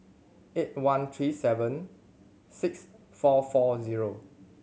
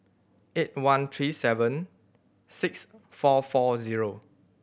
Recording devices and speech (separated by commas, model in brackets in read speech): mobile phone (Samsung C7100), boundary microphone (BM630), read sentence